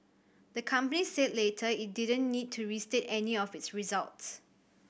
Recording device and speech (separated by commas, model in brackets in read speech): boundary microphone (BM630), read sentence